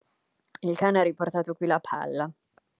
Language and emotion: Italian, neutral